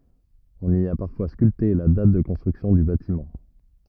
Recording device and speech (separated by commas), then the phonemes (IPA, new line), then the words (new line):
rigid in-ear microphone, read sentence
ɔ̃n i a paʁfwa skylte la dat də kɔ̃stʁyksjɔ̃ dy batimɑ̃
On y a parfois sculpté la date de construction du bâtiment.